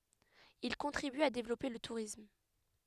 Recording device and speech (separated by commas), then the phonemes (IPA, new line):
headset microphone, read sentence
il kɔ̃tʁiby a devlɔpe lə tuʁism